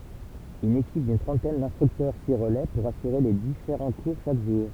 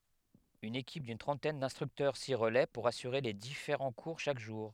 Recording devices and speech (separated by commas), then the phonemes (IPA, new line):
temple vibration pickup, headset microphone, read sentence
yn ekip dyn tʁɑ̃tɛn dɛ̃stʁyktœʁ si ʁəlɛ puʁ asyʁe le difeʁɑ̃ kuʁ ʃak ʒuʁ